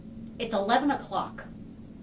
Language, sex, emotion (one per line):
English
female
angry